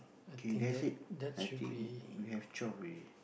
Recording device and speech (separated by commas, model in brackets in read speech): boundary microphone, conversation in the same room